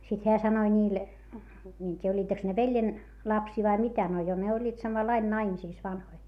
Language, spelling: Finnish, sitten hän sanoi niille minä en tiedä olivatkos ne veljen lapsia vai mitä no jo ne olivat samalla lailla naimisissa vanhoja
- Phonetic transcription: sit heä sanoi ńiil , mie en t́iijä oĺĺiiteks ne veljen , lapsii vai mitä - no jo ne oĺĺiit samallain naimisìs vanhoi .

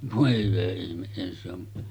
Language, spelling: Finnish, voi hyvä ihme eihän se on
- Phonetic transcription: 'vòe hyvä ihmeˀ 'ˀèihän se ‿on ,.

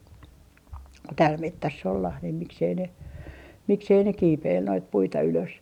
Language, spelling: Finnish, täällä metsässä ollaan niin miksi ei ne miksi ei ne kiipeillyt noita puita ylös
- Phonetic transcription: 'tääl "mettäss ‿ollah nim 'miksei ne , 'miksei ne "kiipeil noit 'puita ylös .

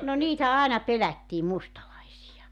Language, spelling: Finnish, no niitä aina pelättiin mustalaisia
- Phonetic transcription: no 'niitä "àena 'pelättii 'mustalaisija .

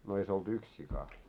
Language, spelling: Finnish, no ei se ollut yksi sika
- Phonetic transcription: no ei se olt 'yks sika ?

